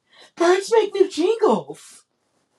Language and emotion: English, surprised